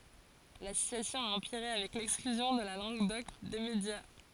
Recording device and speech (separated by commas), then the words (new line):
forehead accelerometer, read sentence
La situation a empiré avec l'exclusion de la langue d'oc des médias.